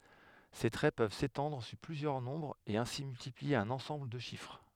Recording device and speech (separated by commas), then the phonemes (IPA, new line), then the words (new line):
headset microphone, read sentence
se tʁɛ pøv setɑ̃dʁ syʁ plyzjœʁ nɔ̃bʁz e ɛ̃si myltiplie œ̃n ɑ̃sɑ̃bl də ʃifʁ
Ces traits peuvent s'étendre sur plusieurs nombres et ainsi multiplier un ensemble de chiffres.